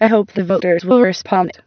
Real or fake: fake